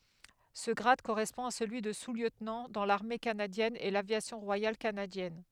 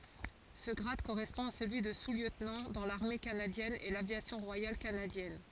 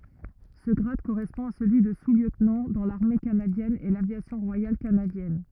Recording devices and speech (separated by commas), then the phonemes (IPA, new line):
headset microphone, forehead accelerometer, rigid in-ear microphone, read sentence
sə ɡʁad koʁɛspɔ̃ a səlyi də susljøtnɑ̃ dɑ̃ laʁme kanadjɛn e lavjasjɔ̃ ʁwajal kanadjɛn